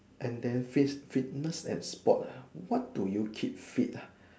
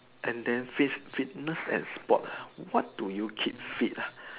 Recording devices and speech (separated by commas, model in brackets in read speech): standing microphone, telephone, conversation in separate rooms